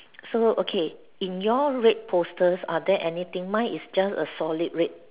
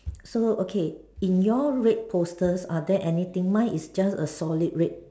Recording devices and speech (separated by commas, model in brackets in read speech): telephone, standing microphone, conversation in separate rooms